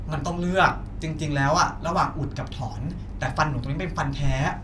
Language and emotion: Thai, frustrated